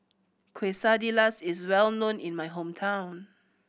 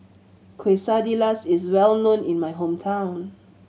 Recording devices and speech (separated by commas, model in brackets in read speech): boundary microphone (BM630), mobile phone (Samsung C7100), read sentence